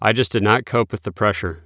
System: none